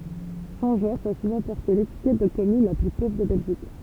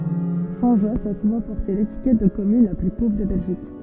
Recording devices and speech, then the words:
temple vibration pickup, soft in-ear microphone, read sentence
Saint-Josse a souvent porté l'étiquette de commune la plus pauvre de Belgique.

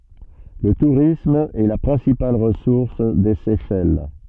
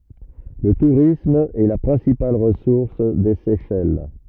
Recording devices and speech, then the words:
soft in-ear microphone, rigid in-ear microphone, read sentence
Le tourisme est la principale ressource des Seychelles.

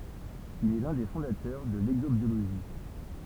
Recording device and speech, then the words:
temple vibration pickup, read sentence
Il est l'un des fondateurs de l'exobiologie.

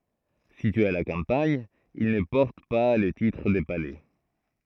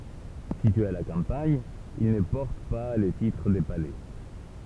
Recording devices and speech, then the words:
throat microphone, temple vibration pickup, read sentence
Situés à la campagne, ils ne portent pas le titre de palais.

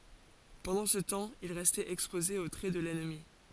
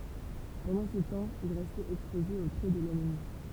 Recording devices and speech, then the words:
forehead accelerometer, temple vibration pickup, read sentence
Pendant ce temps, il restait exposé aux traits de l'ennemi.

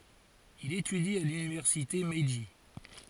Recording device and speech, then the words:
forehead accelerometer, read sentence
Il étudie à l'université Meiji.

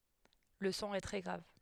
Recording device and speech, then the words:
headset microphone, read sentence
Le son est très grave.

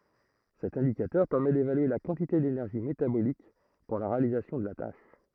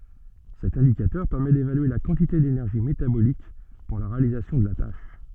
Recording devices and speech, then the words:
throat microphone, soft in-ear microphone, read sentence
Cet indicateur permet d'évaluer la quantité d'énergie métabolique pour la réalisation de la tâche.

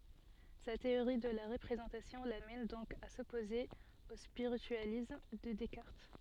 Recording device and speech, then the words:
soft in-ear microphone, read sentence
Sa théorie de la représentation l'amène donc à s'opposer au spiritualisme de Descartes.

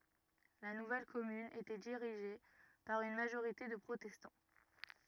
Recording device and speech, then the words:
rigid in-ear microphone, read sentence
La nouvelle commune était dirigée par une majorité de protestants.

